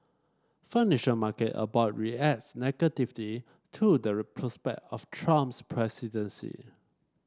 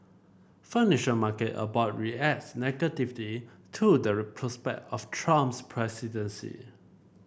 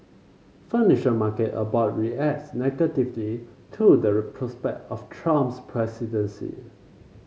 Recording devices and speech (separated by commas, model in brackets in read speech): standing microphone (AKG C214), boundary microphone (BM630), mobile phone (Samsung C5), read sentence